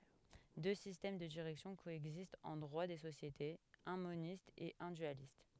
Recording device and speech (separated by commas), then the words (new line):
headset microphone, read sentence
Deux systèmes de direction coexistent en droit des sociétés, un moniste et un dualiste.